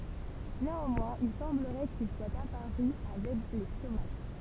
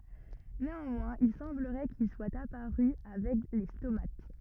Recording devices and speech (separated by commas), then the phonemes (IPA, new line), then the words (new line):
temple vibration pickup, rigid in-ear microphone, read sentence
neɑ̃mwɛ̃z il sɑ̃bləʁɛ kil swat apaʁy avɛk le stomat
Néanmoins, il semblerait qu'ils soient apparus avec les stomates.